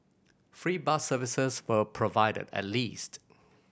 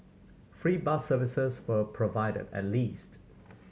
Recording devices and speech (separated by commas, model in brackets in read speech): boundary microphone (BM630), mobile phone (Samsung C7100), read sentence